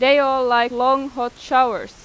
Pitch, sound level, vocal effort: 255 Hz, 95 dB SPL, very loud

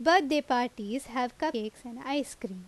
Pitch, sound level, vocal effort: 250 Hz, 87 dB SPL, loud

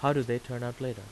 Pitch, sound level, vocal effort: 125 Hz, 87 dB SPL, normal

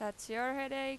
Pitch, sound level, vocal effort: 260 Hz, 92 dB SPL, loud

